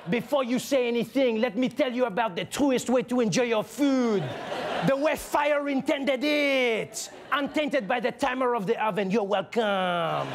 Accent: French accent